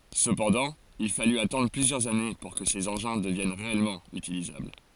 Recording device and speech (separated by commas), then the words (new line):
forehead accelerometer, read sentence
Cependant il fallut attendre plusieurs années pour que ces engins deviennent réellement utilisables.